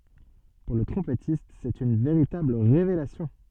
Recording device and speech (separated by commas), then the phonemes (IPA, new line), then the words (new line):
soft in-ear microphone, read sentence
puʁ lə tʁɔ̃pɛtist sɛt yn veʁitabl ʁevelasjɔ̃
Pour le trompettiste, c'est une véritable révélation.